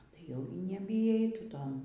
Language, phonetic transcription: Lithuanian, tai ˈjau y nebyˈjai tu ˈton

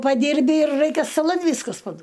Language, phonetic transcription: Lithuanian, paˈdirbi ir ˈraikia staˈlan ˈvyskas paˈduo

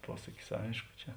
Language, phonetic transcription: Lithuanian, ˈpuosakis ˈaišku ˈčia

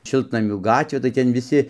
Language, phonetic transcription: Lithuanian, ˈšiltnamių ˈgatvė tai ˈten viˈsi

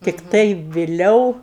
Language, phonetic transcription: Lithuanian, tikˈtai viˈliau

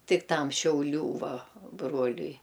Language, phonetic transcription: Lithuanian, ˈtik ˈtam šiauˈlių ˈva ˈbruoliui

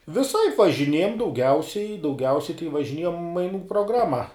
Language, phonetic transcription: Lithuanian, viˈsaip važiˈniejam dauˈgiausiai dauˈgiausiai tai važiˈniejam maiˈnų proˈgrama

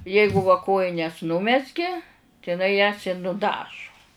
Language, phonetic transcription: Lithuanian, ˈjeigu va ˈkojines ˈnumezgė tai iˈnai jas i nuˈdažu

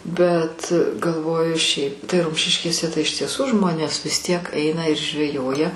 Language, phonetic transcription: Lithuanian, bet galˈvoju ˈšiaip tai ˈrumšiškėse tai iš tieˈsų ˈžmonės vis tiek ˈeina ir žveˈjoja

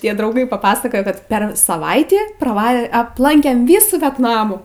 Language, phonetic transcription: Lithuanian, ˈtie drauˈgai papasaˈkojo kad per saˈvaitį praˈva apˈlankėm ˈvysų vetˈnamų

